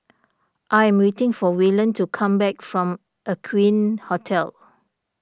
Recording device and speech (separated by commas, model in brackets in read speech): standing microphone (AKG C214), read sentence